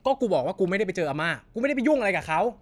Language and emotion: Thai, angry